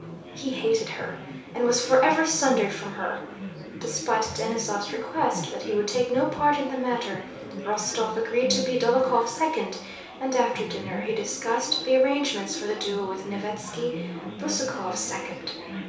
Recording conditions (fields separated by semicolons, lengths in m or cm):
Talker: one person; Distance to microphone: 3.0 m; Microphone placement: far; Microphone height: 1.8 m; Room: small (3.7 m by 2.7 m); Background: babble